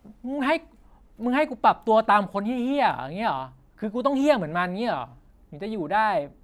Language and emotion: Thai, angry